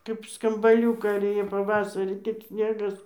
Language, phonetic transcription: Lithuanian, kaip skambaˈliūkai ir ˈjė paˈvasarį tik ˈsnėgas

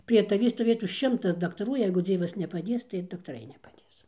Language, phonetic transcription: Lithuanian, prie taˈvį stoˈvėtų ˈšimtas daktaˈrų ˈjeigu ˈdzievas nepaˈdės tai ir daktaˈrai nepaˈdės

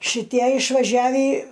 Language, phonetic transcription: Lithuanian, šiˈtie išvaˈžiavį

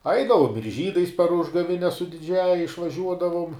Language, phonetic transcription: Lithuanian, ˈaidavom ir ˈžydais par ˈužgavines su diˈdžiąja išvaˈžiuodavum

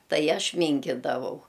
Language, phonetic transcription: Lithuanian, ˈtai ˈaš ˈmynkidavau

